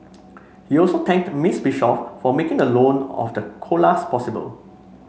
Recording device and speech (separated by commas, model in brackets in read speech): mobile phone (Samsung C5), read sentence